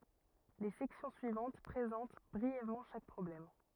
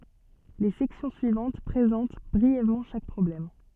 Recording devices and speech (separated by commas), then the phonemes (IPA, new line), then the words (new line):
rigid in-ear microphone, soft in-ear microphone, read sentence
le sɛksjɔ̃ syivɑ̃t pʁezɑ̃t bʁiɛvmɑ̃ ʃak pʁɔblɛm
Les sections suivantes présentent brièvement chaque problème.